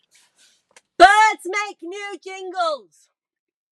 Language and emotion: English, disgusted